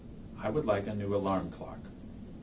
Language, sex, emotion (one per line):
English
male
neutral